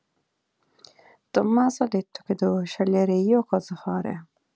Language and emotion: Italian, neutral